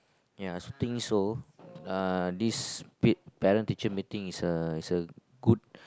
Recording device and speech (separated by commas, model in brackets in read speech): close-talking microphone, conversation in the same room